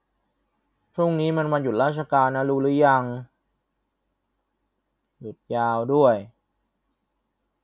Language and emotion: Thai, frustrated